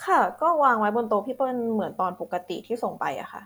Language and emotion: Thai, neutral